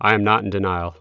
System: none